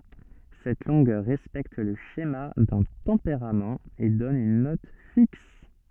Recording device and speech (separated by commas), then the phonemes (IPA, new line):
soft in-ear microphone, read sentence
sɛt lɔ̃ɡœʁ ʁɛspɛkt lə ʃema dœ̃ tɑ̃peʁamt e dɔn yn nɔt fiks